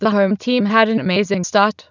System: TTS, waveform concatenation